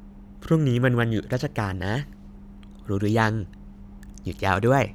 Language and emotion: Thai, happy